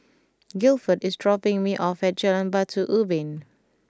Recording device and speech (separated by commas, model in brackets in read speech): close-talking microphone (WH20), read sentence